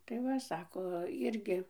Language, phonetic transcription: Lithuanian, tai ˈva ˈsako ˈirgi

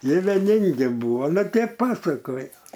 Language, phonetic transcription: Lithuanian, ˈjie veˈningi ˈbūvo ˈnu ˈtep ˈpasakojo

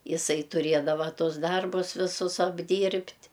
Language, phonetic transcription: Lithuanian, iˈsai tuˈrėdava ˈtus ˈdarbus viˈsus apˈdyrbt'

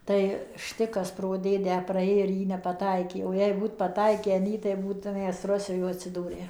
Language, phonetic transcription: Lithuanian, ˈtai ˈštikas pro ˈdėdę praˈė ir ˈjį nepaˈtaikė o jei ˈbūt paˈtaikę in ˈjį tai ˈbūtum ˈmes ˈrosijoj atsiˈdūrę

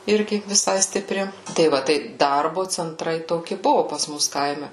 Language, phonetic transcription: Lithuanian, ˈirgi viˈsai stiˈpri tai ˈva tai ˈdarbu cenˈtrai toˈki ˈbuvu pas ˈmus ˈkaime

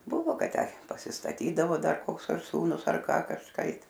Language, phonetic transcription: Lithuanian, ˈbuvo ˈkad ˈtę pasistaˈtydavo ˈdar ˈkoks ar ˈsūnus ar ˈką kažˈkaip

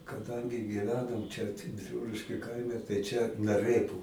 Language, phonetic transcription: Lithuanian, kaˈdangi gyˈvenom ˈčia biˈrūliškiu ˈkaime tai čia naˈrɘpu

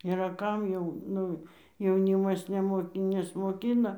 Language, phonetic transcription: Lithuanian, yˈra ˈkam jau ˈnu jauˈnymas neˈmoki nesmoˈkina

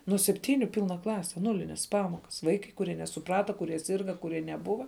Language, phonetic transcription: Lithuanian, nuo sepˈtyniu ˈpylna ˈklase ˈnūlinės ˈpamokas ˈvaikai kuˈrie nesuˈprata kuˈrie ˈsyrga kuˈrie neˈbuva

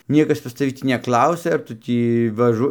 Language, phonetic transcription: Lithuanian, ˈniekas pas taˈvi ˈtį neˈklausia ar ˈtu tį vaˈžu

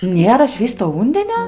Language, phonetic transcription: Lithuanian, ˈnėra ˈšvįsto ˈūndenio

